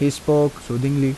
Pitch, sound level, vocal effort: 140 Hz, 83 dB SPL, normal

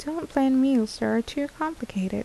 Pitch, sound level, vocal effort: 265 Hz, 76 dB SPL, soft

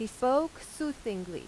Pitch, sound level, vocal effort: 250 Hz, 87 dB SPL, loud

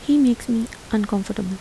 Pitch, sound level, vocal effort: 220 Hz, 78 dB SPL, soft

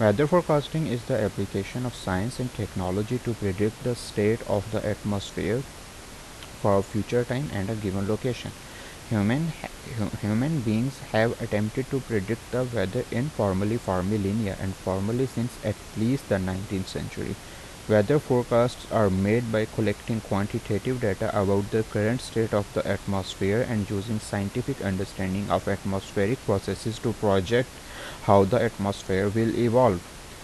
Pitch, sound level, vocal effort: 110 Hz, 80 dB SPL, normal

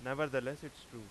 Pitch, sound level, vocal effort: 135 Hz, 93 dB SPL, loud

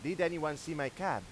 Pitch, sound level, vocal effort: 165 Hz, 96 dB SPL, loud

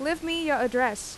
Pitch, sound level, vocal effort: 280 Hz, 88 dB SPL, loud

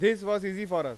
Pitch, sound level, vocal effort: 205 Hz, 99 dB SPL, very loud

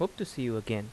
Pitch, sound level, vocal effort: 125 Hz, 80 dB SPL, normal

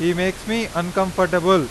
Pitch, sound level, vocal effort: 185 Hz, 96 dB SPL, very loud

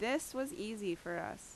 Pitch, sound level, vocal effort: 220 Hz, 84 dB SPL, loud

